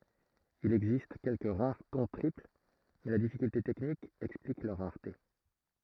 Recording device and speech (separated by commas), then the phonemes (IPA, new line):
throat microphone, read sentence
il ɛɡzist kɛlkə ʁaʁ tɔ̃ tʁipl mɛ la difikylte tɛknik ɛksplik lœʁ ʁaʁte